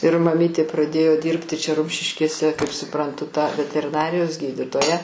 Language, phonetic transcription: Lithuanian, ir maˈmytė praˈdėjo ˈdyrbti čia ˈrumšiškėse kaip suˈprantu ta veteriˈnarijos ˈgyditoja

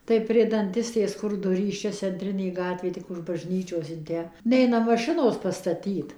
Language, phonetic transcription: Lithuanian, tai prie danˈtistės ˈ kur ˈdurys ˈčia cenˈtrinė ˈgatvė ˈtik už bažˈnyčios in ˈtę ˈneina maˈšinos pastaˈtyt

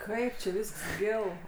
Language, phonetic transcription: Lithuanian, ˈkaip či ˈvysks ˈgil

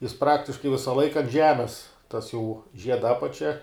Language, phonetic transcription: Lithuanian, jis ˈpraktiškai ˈvisa ˈlaika ant ˈžemes tas jau ˈžieda ˈapačia

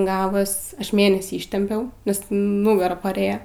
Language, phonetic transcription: Lithuanian, ˈgavos ˈaš ˈmėnesį iˈštempiau nes ˈnugara paˈrėjo

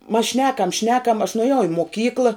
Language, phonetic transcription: Lithuanian, mas ˈšnekam ˈšnekam aš nuaˈjau i moˈkykla

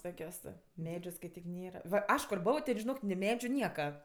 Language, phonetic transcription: Lithuanian, ˈtokios ˈmedžiu skaiˈtyk ˈnėra va ˈaš kur ˈbovo ten žiˈnok ni ˈmedžiu ˈnieka

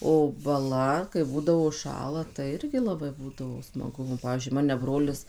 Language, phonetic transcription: Lithuanian, o baˈla kai ˈbūdavo užˈšąla tai ˈirgi laˈbai ˈbūdavo smaˈgu nu ˈpavyzdžiui ˈmane ˈbrolis

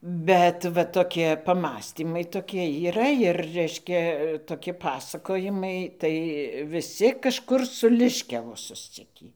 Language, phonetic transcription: Lithuanian, ˈbet va toˈkie paˈmąstymai ˈtokie yˈra ir ˈreiškia ir toˈki ˈpasakojimai ˈtai viˈsi kažˈkur su liškiavu susˈcikį

